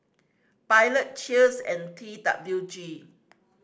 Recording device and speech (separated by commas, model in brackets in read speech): standing microphone (AKG C214), read sentence